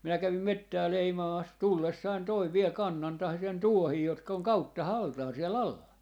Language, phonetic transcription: Finnish, minä 'kävim "mettää 'leimaamas "tullessain 'toiv 'viel 'kannan - - 'tuohii 'jotka oŋ "kautta"haltaa 'sie"l ‿alla .
- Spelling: minä kävin metsää leimaamassa tullessani toin vielä kannan tuohia jotka on kauttaaltaan siellä alla

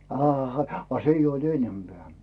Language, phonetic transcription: Finnish, aaha , a 'se ‿ijj ‿oiD "ennempeä̀ .
- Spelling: aha a se ei ollut enempää

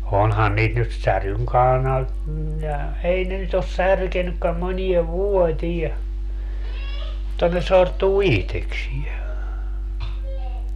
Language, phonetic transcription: Finnish, 'onhan niit nyt 'säryŋ (kaanal) , ja , 'ei ne nyt ‿os "särkenykkäm moniev "vuotiɛ , mutta ne 'sortuu "ihteksie .
- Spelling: onhan niitä nyt säryn - ja ei ne nyt ole särkenytkään moneen vuoteen mutta ne sortuu itsekseen

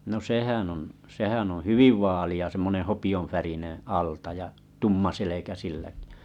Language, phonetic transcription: Finnish, no 'sehän on , 'sehän oo̰ "hyviv 'vaali₍a e e semmoneᵉ̰ 'hopi₍on̬färineᵉ̰ , 'alta ja , 'tumma 'selekä 'sillᴀ̈kɪ .
- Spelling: no sehän on sehän on hyvin vaalea semmoinen hopeanvärinen alta ja tumma selkä silläkin

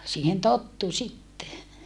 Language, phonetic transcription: Finnish, siihen tottu sitte .
- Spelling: siihen tottui sitten

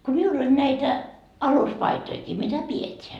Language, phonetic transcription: Finnish, ko 'miull ‿oĺ näitä , 'aluspaitoikii mitä 'piet́eä .
- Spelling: kun minulla oli näitä aluspaitojakin mitä pidetään

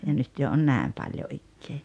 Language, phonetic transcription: Finnish, ja 'nyt jo on "nä̀em paljo 'ikkee .
- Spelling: ja nyt jo on näin paljon ikää

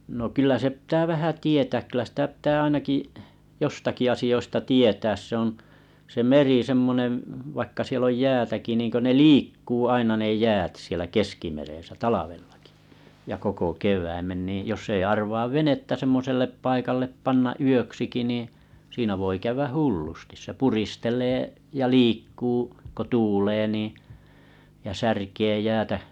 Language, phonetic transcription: Finnish, no 'kyllä se pⁱää vähä 'tietä̀k kyllä sⁱtä pⁱtää 'ainaki’ , 'jostaki asi₍oista 'tietääs se ‿on , se 'meri semmonen̬ vaikka siel ‿oj 'jäätäki niŋkö ne "liikkuu aina ne 'jäät sielä 'keskimerèsä 'talavellᴀkɪ , ja koko 'kev̀äimen nìj joss ‿ei arvaav "venettä 'semmosellep 'paikallep 'pannaa "yöksiki nì , siinä voi 'käyväh "h̬u͕llustis se 'puristel̀ee ja 'liikkuu , ko 'tuulee nì , ja 'särkee jäätä ,.
- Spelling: no kyllä se pitää vähän tietää kyllä sitä pitää ainakin jostakin asioista tietää se on se meri semmoinen vaikka siellä on jäätäkin niin kuin ne liikkuu aina ne jäät siellä keskimeressä talvellakin ja koko kevään niin jos ei arvaa venettä semmoiselle paikalle panna yöksikin niin siinä voi käydä hullusti se puristelee ja liikkuu kun tuulee niin ja särkee jäätä

